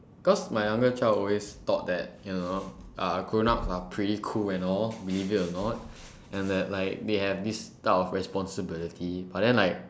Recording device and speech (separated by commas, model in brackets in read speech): standing microphone, conversation in separate rooms